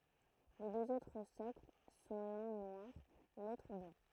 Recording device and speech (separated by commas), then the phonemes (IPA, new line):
throat microphone, read sentence
le døz otʁ sɔkl sɔ̃ lœ̃ nwaʁ lotʁ blɑ̃